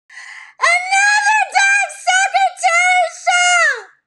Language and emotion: English, disgusted